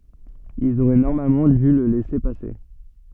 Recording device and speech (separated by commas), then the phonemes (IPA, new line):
soft in-ear microphone, read sentence
ilz oʁɛ nɔʁmalmɑ̃ dy lə lɛse pase